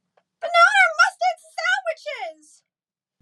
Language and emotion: English, disgusted